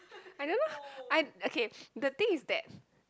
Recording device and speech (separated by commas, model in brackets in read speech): close-talking microphone, conversation in the same room